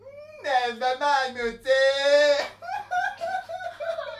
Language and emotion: Thai, happy